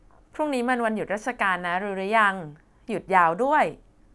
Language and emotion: Thai, happy